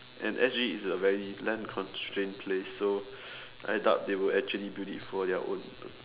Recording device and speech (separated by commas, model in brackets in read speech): telephone, conversation in separate rooms